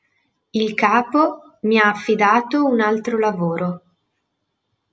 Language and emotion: Italian, neutral